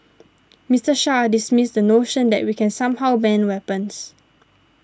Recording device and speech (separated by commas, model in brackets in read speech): standing microphone (AKG C214), read sentence